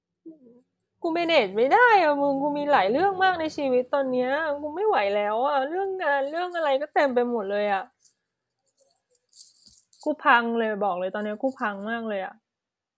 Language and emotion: Thai, sad